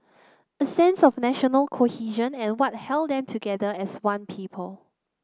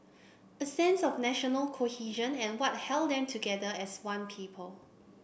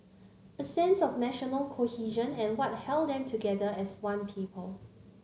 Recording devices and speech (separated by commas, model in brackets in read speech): close-talking microphone (WH30), boundary microphone (BM630), mobile phone (Samsung C9), read sentence